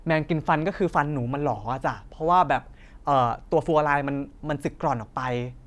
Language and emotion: Thai, neutral